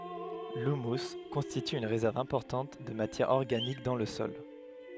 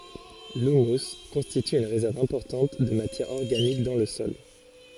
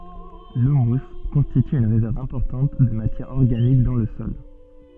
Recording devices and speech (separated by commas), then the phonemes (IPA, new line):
headset microphone, forehead accelerometer, soft in-ear microphone, read sentence
lymys kɔ̃stity yn ʁezɛʁv ɛ̃pɔʁtɑ̃t də matjɛʁ ɔʁɡanik dɑ̃ lə sɔl